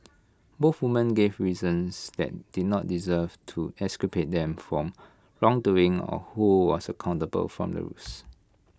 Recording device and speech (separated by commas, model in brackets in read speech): close-talking microphone (WH20), read sentence